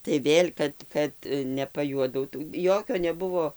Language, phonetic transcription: Lithuanian, tai ˈvėl' ˈkad ˈkad nepaˈjuodautų ˈjokio neˈbuvo

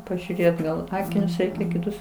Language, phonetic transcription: Lithuanian, pažiūˈrėt gal ˈakinius ˈreikia kiˈtus

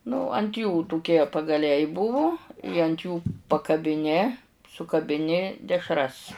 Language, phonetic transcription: Lithuanian, nu ant jų tuˈkie pagaˈliai ˈbuvu i ant ˈjų pakabiˈni sukabiˈni dešˈras

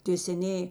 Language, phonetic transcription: Lithuanian, tė seˈnėjė

